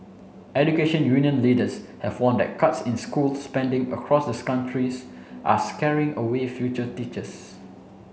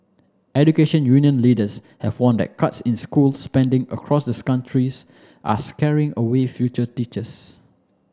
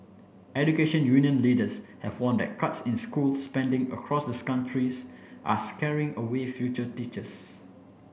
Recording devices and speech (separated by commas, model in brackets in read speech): mobile phone (Samsung C7), standing microphone (AKG C214), boundary microphone (BM630), read sentence